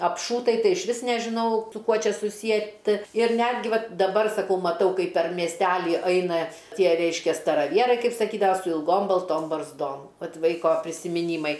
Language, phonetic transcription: Lithuanian, apˈšūtai ˈtai išˈvis nežiˈnau su ˈkuo ˈčia suˈsietɨ ir ˈnetgi ˈvat daˈbar saˈkau maˈtau ˈkaip per miesˈteli ˈaina ˈtie ˈreiškia staraˈvierai ˈkaip saˈkydava su ilˈgom balˈtom barzˈdom ˈvat ˈvaiko prisimiˈnymai

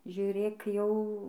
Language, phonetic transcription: Lithuanian, žiūˈrėk jau

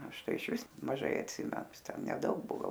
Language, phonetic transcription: Lithuanian, ˈaš ˈtai išˈvis maˈžai atˈsime ˈjis neˈdaug ˈbuo ˈgal

